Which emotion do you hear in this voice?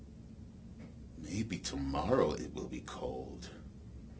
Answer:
neutral